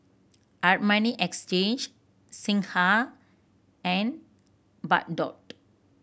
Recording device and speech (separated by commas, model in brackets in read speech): boundary microphone (BM630), read sentence